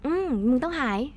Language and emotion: Thai, happy